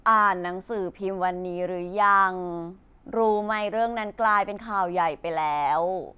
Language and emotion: Thai, frustrated